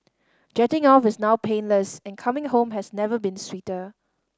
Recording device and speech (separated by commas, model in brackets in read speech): standing microphone (AKG C214), read sentence